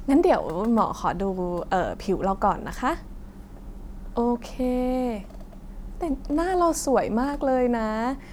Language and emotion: Thai, happy